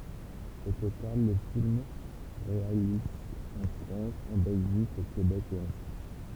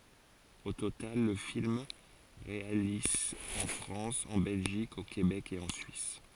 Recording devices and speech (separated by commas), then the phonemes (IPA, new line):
temple vibration pickup, forehead accelerometer, read sentence
o total lə film ʁealiz ɑ̃ fʁɑ̃s ɑ̃ bɛlʒik o kebɛk e ɑ̃ syis